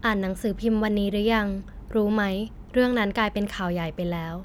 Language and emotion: Thai, neutral